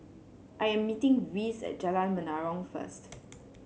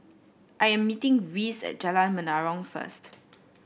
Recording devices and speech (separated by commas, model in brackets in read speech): mobile phone (Samsung C7), boundary microphone (BM630), read sentence